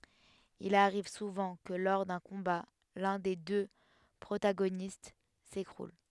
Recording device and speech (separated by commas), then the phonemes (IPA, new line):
headset microphone, read sentence
il aʁiv suvɑ̃ kə lɔʁ dœ̃ kɔ̃ba lœ̃ de dø pʁotaɡonist sekʁul